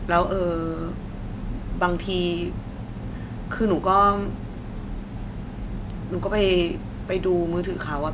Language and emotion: Thai, frustrated